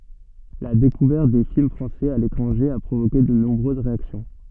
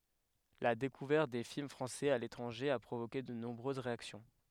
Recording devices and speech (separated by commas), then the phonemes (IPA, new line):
soft in-ear microphone, headset microphone, read sentence
la dekuvɛʁt de film fʁɑ̃sɛz a letʁɑ̃ʒe a pʁovoke də nɔ̃bʁøz ʁeaksjɔ̃